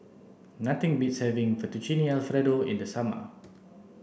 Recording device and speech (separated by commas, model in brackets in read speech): boundary microphone (BM630), read sentence